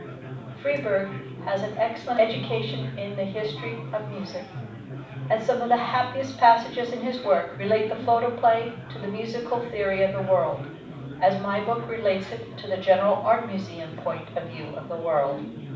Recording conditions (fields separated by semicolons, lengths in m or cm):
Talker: one person; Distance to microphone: 5.8 m; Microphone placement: far; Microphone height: 1.8 m; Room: medium-sized (5.7 m by 4.0 m); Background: babble